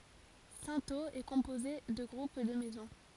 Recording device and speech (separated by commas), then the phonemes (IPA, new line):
forehead accelerometer, read sentence
sɛ̃toz ɛ kɔ̃poze də ɡʁup də mɛzɔ̃